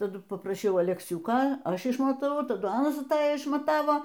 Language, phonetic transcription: Lithuanian, taˈdu papraˈšiau alekˈsiuko ˈaš išmataˈvau taˈdu ˈanas aˈtaja išmaˈtavo

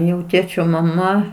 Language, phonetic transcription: Lithuanian, jau ˈtėčio maˈma

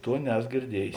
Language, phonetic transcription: Lithuanian, ˈtuo ˈneso girˈdiejės

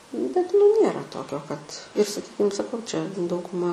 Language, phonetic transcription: Lithuanian, bet nu ˈnėra ˈtokio kad ir saˈkykim saˈkau čia dauguˈma

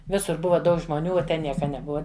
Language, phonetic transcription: Lithuanian, ˈvisur ˈbuva ˈdaug žmoˈnių o ˈten ˈnieka neˈbua

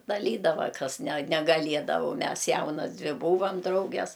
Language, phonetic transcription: Lithuanian, daˈlydava ˈkas ne negaˈliedavo u ˈmes ˈjaunas ˈdvi ˈbūvam ˈdrauges

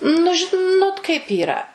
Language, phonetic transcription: Lithuanian, nu žiˈnot kaip ˈyra

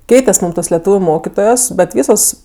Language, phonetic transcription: Lithuanian, ˈkeites' ˈmūm tos leˈtūviu ˈmokitojos bet ˈvysos

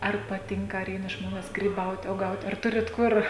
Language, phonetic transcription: Lithuanian, ˈar paˈtinka ar ˈeina ˈžmones gryˈbaut' uoˈgaut' ar ˈturit ˈkur

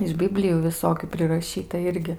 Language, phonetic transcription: Lithuanian, iš ˈbiblijų viˈsokiu priraˈšyta ˈirgi

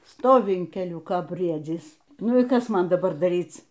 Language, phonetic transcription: Lithuanian, ˈstovi in keˈliuko ˈbriedzys ˈnu y ˈkas ˈman daˈbar daˈryc

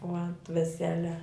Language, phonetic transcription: Lithuanian, o ant veˈsele

